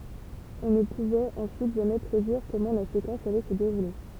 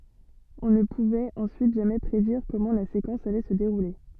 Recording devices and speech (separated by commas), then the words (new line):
temple vibration pickup, soft in-ear microphone, read sentence
On ne pouvait ensuite jamais prédire comment la séquence allait se dérouler.